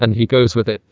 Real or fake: fake